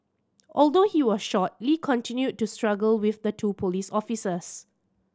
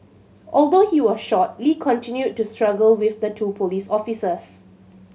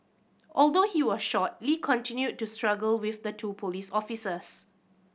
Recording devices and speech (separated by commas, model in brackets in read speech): standing microphone (AKG C214), mobile phone (Samsung C7100), boundary microphone (BM630), read sentence